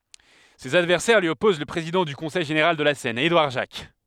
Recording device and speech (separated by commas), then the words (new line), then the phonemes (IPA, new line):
headset microphone, read sentence
Ses adversaires lui opposent le président du Conseil général de la Seine, Édouard Jacques.
sez advɛʁsɛʁ lyi ɔpoz lə pʁezidɑ̃ dy kɔ̃sɛj ʒeneʁal də la sɛn edwaʁ ʒak